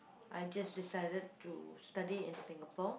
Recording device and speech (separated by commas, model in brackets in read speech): boundary microphone, conversation in the same room